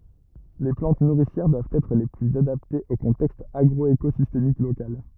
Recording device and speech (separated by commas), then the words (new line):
rigid in-ear microphone, read sentence
Les plantes nourricières doivent être les plus adaptées au contexte agroécosystémique local.